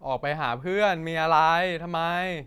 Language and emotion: Thai, frustrated